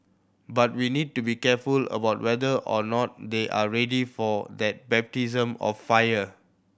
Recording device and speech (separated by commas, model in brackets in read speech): boundary microphone (BM630), read sentence